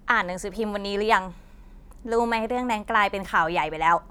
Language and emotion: Thai, frustrated